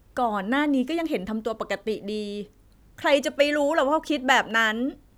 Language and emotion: Thai, frustrated